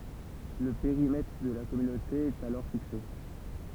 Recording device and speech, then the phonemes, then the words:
temple vibration pickup, read sentence
lə peʁimɛtʁ də la kɔmynote ɛt alɔʁ fikse
Le périmètre de la Communauté est alors fixé.

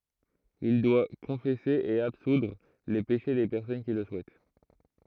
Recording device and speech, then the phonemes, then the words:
throat microphone, read sentence
il dwa kɔ̃fɛse e absudʁ le peʃe de pɛʁsɔn ki lə suɛt
Il doit confesser et absoudre les péchés des personnes qui le souhaitent.

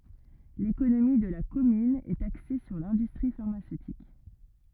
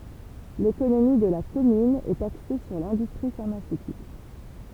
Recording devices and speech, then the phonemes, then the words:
rigid in-ear microphone, temple vibration pickup, read sentence
lekonomi də la kɔmyn ɛt akse syʁ lɛ̃dystʁi faʁmasøtik
L'économie de la commune est axée sur l'industrie pharmaceutique.

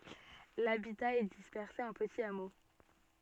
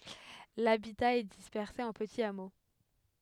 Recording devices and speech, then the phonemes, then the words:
soft in-ear microphone, headset microphone, read sentence
labita ɛ dispɛʁse ɑ̃ pətiz amo
L’habitat est dispersé en petits hameaux.

